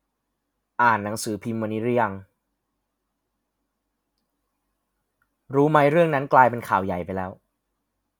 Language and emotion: Thai, sad